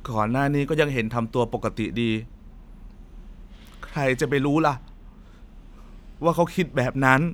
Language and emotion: Thai, sad